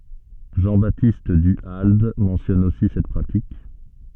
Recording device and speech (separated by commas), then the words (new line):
soft in-ear microphone, read sentence
Jean-Baptiste Du Halde mentionne aussi cette pratique.